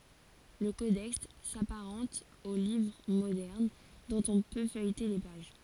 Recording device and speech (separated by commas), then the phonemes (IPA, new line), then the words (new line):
forehead accelerometer, read sentence
lə kodɛks sapaʁɑ̃t o livʁ modɛʁn dɔ̃t ɔ̃ pø fœjte le paʒ
Le codex s'apparente aux livres modernes, dont on peut feuilleter les pages.